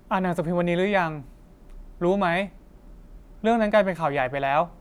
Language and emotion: Thai, frustrated